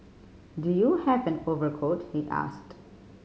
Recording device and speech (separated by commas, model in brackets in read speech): mobile phone (Samsung C5010), read sentence